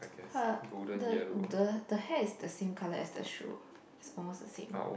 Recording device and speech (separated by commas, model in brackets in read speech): boundary microphone, conversation in the same room